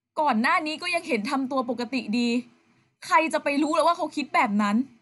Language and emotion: Thai, frustrated